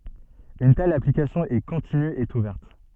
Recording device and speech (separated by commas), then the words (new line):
soft in-ear microphone, read sentence
Une telle application est continue et ouverte.